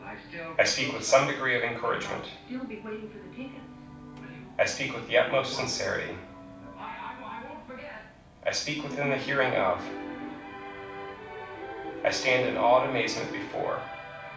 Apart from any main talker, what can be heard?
A television.